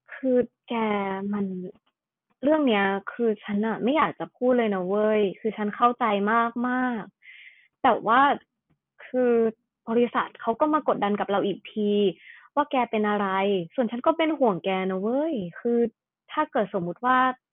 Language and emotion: Thai, frustrated